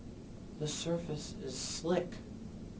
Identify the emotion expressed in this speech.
neutral